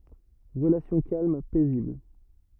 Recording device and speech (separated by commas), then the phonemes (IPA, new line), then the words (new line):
rigid in-ear microphone, read sentence
ʁəlasjɔ̃ kalm pɛzibl
Relations calmes, paisibles.